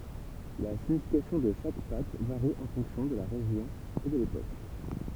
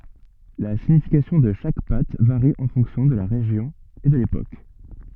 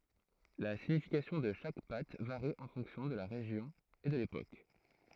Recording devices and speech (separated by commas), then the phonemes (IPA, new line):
temple vibration pickup, soft in-ear microphone, throat microphone, read sentence
la siɲifikasjɔ̃ də ʃak pat vaʁi ɑ̃ fɔ̃ksjɔ̃ də la ʁeʒjɔ̃ e də lepok